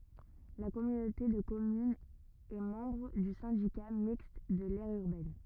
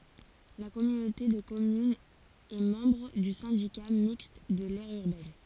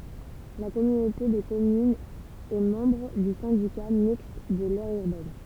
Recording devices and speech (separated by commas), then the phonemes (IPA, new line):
rigid in-ear microphone, forehead accelerometer, temple vibration pickup, read sentence
la kɔmynote də kɔmynz ɛ mɑ̃bʁ dy sɛ̃dika mikst də lɛʁ yʁbɛn